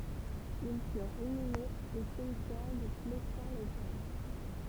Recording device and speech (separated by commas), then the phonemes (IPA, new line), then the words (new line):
temple vibration pickup, read sentence
il fyʁt inymez o simtjɛʁ də plɛstɛ̃ le ɡʁɛv
Ils furent inhumés au cimetière de Plestin-les-Grèves.